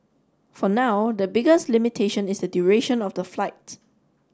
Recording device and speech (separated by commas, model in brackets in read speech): standing microphone (AKG C214), read sentence